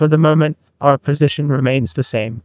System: TTS, neural waveform model